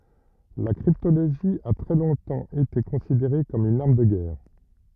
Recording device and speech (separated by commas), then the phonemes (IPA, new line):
rigid in-ear microphone, read sentence
la kʁiptoloʒi a tʁɛ lɔ̃tɑ̃ ete kɔ̃sideʁe kɔm yn aʁm də ɡɛʁ